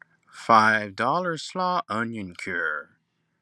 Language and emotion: English, disgusted